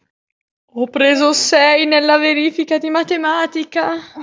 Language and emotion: Italian, fearful